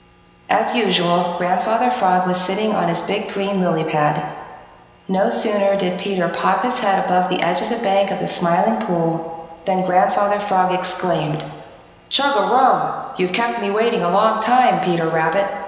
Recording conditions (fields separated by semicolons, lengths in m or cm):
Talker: one person; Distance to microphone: 1.7 m; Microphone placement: close; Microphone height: 1.0 m; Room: very reverberant, large; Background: none